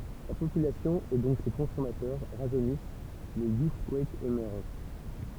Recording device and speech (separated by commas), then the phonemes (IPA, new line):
temple vibration pickup, read sentence
la popylasjɔ̃ e dɔ̃k se kɔ̃sɔmatœʁ ʁaʒønis lə juskwɛk emɛʁʒ